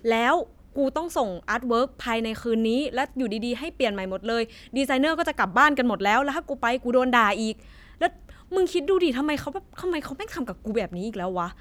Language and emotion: Thai, frustrated